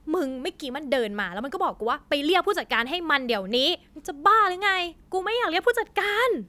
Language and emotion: Thai, angry